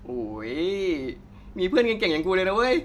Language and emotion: Thai, happy